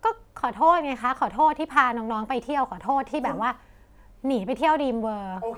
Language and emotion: Thai, frustrated